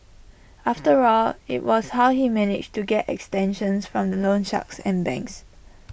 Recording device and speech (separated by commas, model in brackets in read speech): boundary microphone (BM630), read sentence